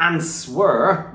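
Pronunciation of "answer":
'Answer' is pronounced incorrectly here, with the w sounded.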